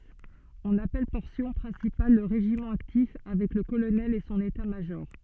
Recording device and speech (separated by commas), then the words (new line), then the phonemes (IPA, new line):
soft in-ear microphone, read sentence
On appelle Portion Principale le régiment actif, avec le Colonel et son État-major.
ɔ̃n apɛl pɔʁsjɔ̃ pʁɛ̃sipal lə ʁeʒimɑ̃ aktif avɛk lə kolonɛl e sɔ̃n etatmaʒɔʁ